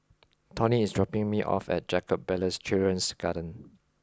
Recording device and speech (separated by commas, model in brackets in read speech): close-talking microphone (WH20), read sentence